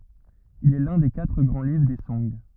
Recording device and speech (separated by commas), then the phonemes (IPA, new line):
rigid in-ear microphone, read sentence
il ɛ lœ̃ de katʁ ɡʁɑ̃ livʁ de sɔ̃ɡ